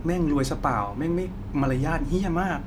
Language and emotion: Thai, frustrated